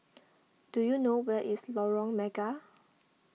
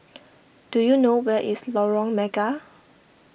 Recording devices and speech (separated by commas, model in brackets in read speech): mobile phone (iPhone 6), boundary microphone (BM630), read sentence